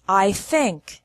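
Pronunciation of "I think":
'I think' is pronounced correctly here: the word is 'think', not 'sink'.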